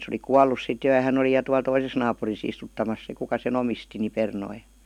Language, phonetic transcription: Finnish, sᵉ oli "kuallus sit 'jo ja 'hän ‿oli 'ja tual 'toises naapuris ‿istuttamas 'se kuka se'n ‿omisti ni "pernoi .
- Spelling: se oli kuollut sitten jo ja hän oli ja tuolla toisessa naapurissa istuttamassa se kuka sen omisti niin perunoita

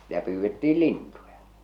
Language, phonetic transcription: Finnish, sⁱtä 'pyyvvettii "lintuja .
- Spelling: sitä pyydettiin lintuja

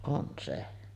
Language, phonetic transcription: Finnish, on 'se .
- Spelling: on se

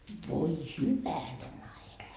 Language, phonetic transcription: Finnish, voi "hyvänen ‿aika .
- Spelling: voi hyvänen aika

